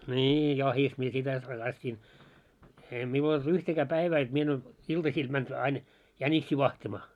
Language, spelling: Finnish, niin jahdissa minä sitä harrastin ei minulla ole yhtäkään päivää jotta minä en olisi iltasilla mennyt aina jäniksiä vahtimaan
- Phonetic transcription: 'ńii 'jahis mie 'sitä 'harrastin , 'eei miul ‿olᴅ 'yhtäkää 'päivää jot 'mie en ‿ois , 'iltasiil mänᴅ ain , 'jäńiksii 'vahtimaa .

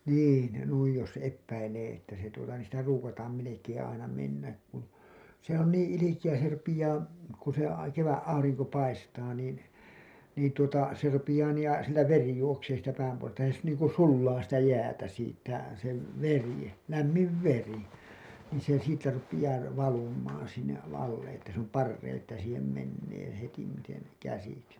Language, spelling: Finnish, niin ja noin jos epäilee että se tuota niin sitä ruukataan melkein aina mennä kun se on niin ilkeä se rupeaa kun se - kevät aurinko paistaa niin niin tuota se rupeaa niin ja siltä veri juoksee siitä päänpohjasta ja se niin kuin sulaa sitä jäätä siitä se veri lämmin veri niin se siitä rupeaa - valumaan sinne alle että se on parempi että siihen menee hetimiten käsiksi
- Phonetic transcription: 'niin , ja 'nuij jos 'eppäilee että se tuota niin̬ sitä ruukataam melekeeḛ aina mennäk kun , se ‿on 'niiḭ "ilikijä se rupijaa , ku se a- , "keväˀ ‿ˀauriŋko 'paistaa niin̬ , niin tuota , se rupijaa nii ja , siltä "veri juoksee siit̀ä 'päämpohojasta ja sE niiŋku "sullaa sitä 'jäätä siittä , se , 'veri , "lämmiv "veri , niin̬ se siittä rupijaa r- , 'valum̀aan̬ sinne’ "alle että s ‿òm "parreiḭ että siihem 'mennee hetim̆miten , 'käsiksi .

